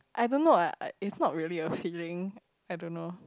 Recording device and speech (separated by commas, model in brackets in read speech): close-talking microphone, conversation in the same room